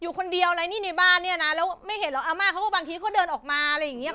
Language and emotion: Thai, angry